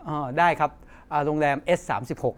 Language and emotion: Thai, neutral